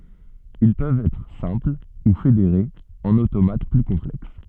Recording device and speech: soft in-ear microphone, read sentence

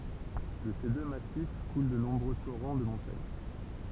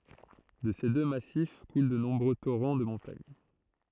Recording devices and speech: temple vibration pickup, throat microphone, read sentence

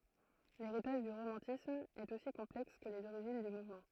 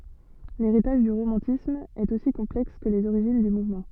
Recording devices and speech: throat microphone, soft in-ear microphone, read sentence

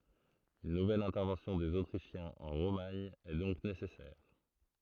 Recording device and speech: throat microphone, read sentence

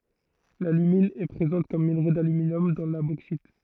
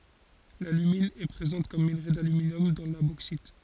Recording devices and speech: throat microphone, forehead accelerometer, read sentence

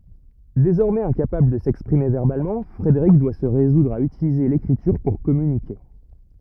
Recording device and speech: rigid in-ear microphone, read sentence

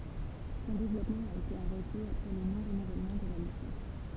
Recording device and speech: temple vibration pickup, read sentence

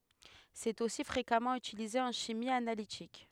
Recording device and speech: headset microphone, read sentence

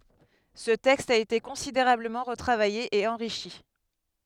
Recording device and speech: headset microphone, read sentence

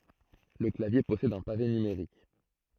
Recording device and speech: throat microphone, read sentence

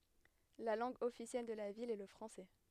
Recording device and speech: headset microphone, read sentence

